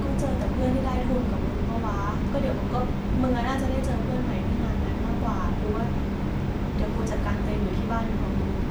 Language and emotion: Thai, frustrated